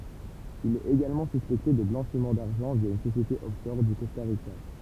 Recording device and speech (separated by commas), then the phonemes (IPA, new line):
temple vibration pickup, read sentence
il ɛt eɡalmɑ̃ syspɛkte də blɑ̃ʃim daʁʒɑ̃ vja yn sosjete ɔfʃɔʁ o kɔsta ʁika